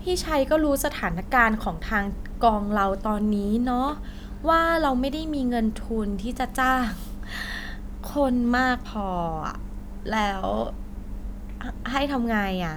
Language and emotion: Thai, frustrated